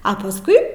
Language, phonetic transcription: Lithuanian, a pasˈkui

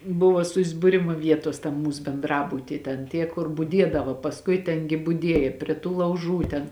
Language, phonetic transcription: Lithuanian, ˈbuvo susbuˈrimu ˈvietos tam ˈmūs benˈdrabuty ten ˈtie kur buˈdiedava pasˈkui ˈten gi buˈdieja prie tų lauˈžų ˈten

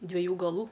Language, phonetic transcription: Lithuanian, dvieˈjų gaˈlų

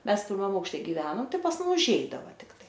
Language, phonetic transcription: Lithuanian, ˈmes pirˈmam aukšˈte giˈvenom ˈtai pas ˈmum užˈeidava tikˈtai

